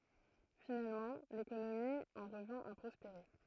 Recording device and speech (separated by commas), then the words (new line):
throat microphone, read sentence
Finalement, l'économie en revint à prospérer.